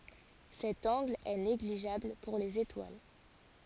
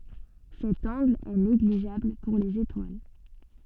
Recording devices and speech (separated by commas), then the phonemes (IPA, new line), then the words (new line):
forehead accelerometer, soft in-ear microphone, read sentence
sɛt ɑ̃ɡl ɛ neɡliʒabl puʁ lez etwal
Cet angle est négligeable pour les étoiles.